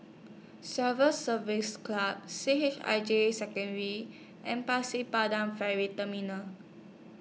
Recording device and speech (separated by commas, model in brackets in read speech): mobile phone (iPhone 6), read sentence